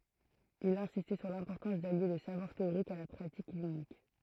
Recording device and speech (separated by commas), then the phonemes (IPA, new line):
throat microphone, read sentence
il ɛ̃sistɛ syʁ lɛ̃pɔʁtɑ̃s dalje lə savwaʁ teoʁik a la pʁatik klinik